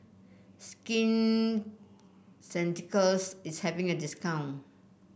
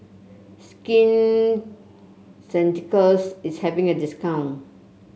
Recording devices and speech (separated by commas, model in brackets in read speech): boundary microphone (BM630), mobile phone (Samsung C7), read sentence